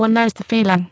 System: VC, spectral filtering